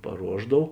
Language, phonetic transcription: Lithuanian, paˈruošdav

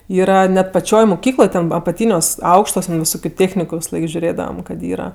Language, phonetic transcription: Lithuanian, ˈyra ˈnet paˈčioj moˈkykloj ˈten apaˈtyniuos ˈaukštuos ten viˈsokiu ˈtėchniku visaˈlaik žiuˈrėdavam kad ˈyra

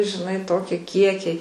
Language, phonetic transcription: Lithuanian, žiˈnai ˈtoki ˈkiekiai

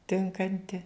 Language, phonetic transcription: Lithuanian, ˈtinkanti

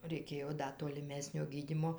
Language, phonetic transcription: Lithuanian, reiˈkėjo ˈda toliˈmesnio ˈgydymo

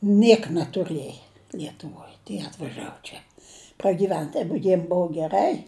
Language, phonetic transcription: Lithuanian, ˈniek netuˈrɘja lietuˈvoj tie atvaˈžavu ˈčia pragyˈvent taip gi ˈbuu geˈrai

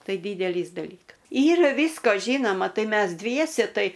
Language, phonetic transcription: Lithuanian, ˈtai ˈdydelys daˈlykas ˈyraˈ vysko ˈžynoma ˈtai ˈmes ˈdviese ˈtai

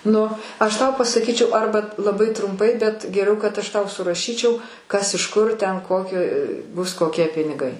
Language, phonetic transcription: Lithuanian, ˈnu aš ˈtau pasaˈkyčiau ˈarba laˈbai trumˈpai bet geˈriau kad ˈaš ˈtau suraˈšyčiau ˈkas iš ˈkur ten ˈkoki bus koˈkie piniˈgai

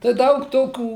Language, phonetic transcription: Lithuanian, tai ˈdaug ˈtokių

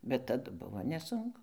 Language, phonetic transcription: Lithuanian, bet taˈdu ˈbuvo neˈsunku

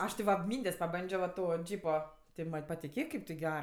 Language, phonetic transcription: Lithuanian, ˈaš ti va ˈmyndės' paˈbandžio va ˈto ˈdžypo ti ˈman' patiˈkėk kaip ti ˈgær

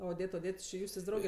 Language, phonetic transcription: Lithuanian, oˈdėt oˈdėt či ˈjūstės' ˈdrauge

